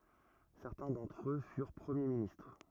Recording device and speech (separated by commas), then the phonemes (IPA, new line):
rigid in-ear microphone, read sentence
sɛʁtɛ̃ dɑ̃tʁ ø fyʁ pʁəmje ministʁ